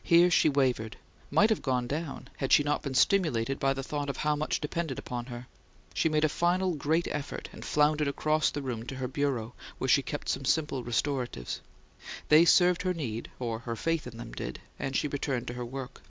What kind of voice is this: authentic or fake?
authentic